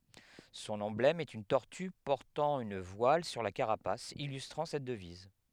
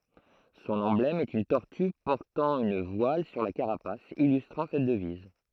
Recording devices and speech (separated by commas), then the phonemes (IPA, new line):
headset microphone, throat microphone, read sentence
sɔ̃n ɑ̃blɛm ɛt yn tɔʁty pɔʁtɑ̃ yn vwal syʁ la kaʁapas ilystʁɑ̃ sɛt dəviz